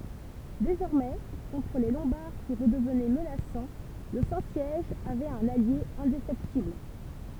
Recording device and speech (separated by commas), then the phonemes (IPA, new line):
temple vibration pickup, read sentence
dezɔʁmɛ kɔ̃tʁ le lɔ̃baʁ ki ʁədəvnɛ mənasɑ̃ lə sɛ̃ sjɛʒ avɛt œ̃n alje ɛ̃defɛktibl